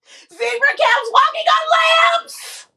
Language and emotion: English, happy